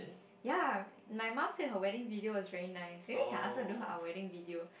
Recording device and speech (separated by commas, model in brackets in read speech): boundary microphone, conversation in the same room